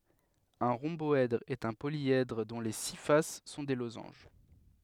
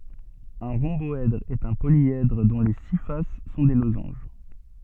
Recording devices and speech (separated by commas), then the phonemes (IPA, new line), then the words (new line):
headset microphone, soft in-ear microphone, read sentence
œ̃ ʁɔ̃bɔɛdʁ ɛt œ̃ poljɛdʁ dɔ̃ le si fas sɔ̃ de lozɑ̃ʒ
Un rhomboèdre est un polyèdre dont les six faces sont des losanges.